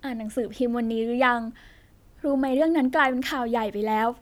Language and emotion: Thai, neutral